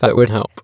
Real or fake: fake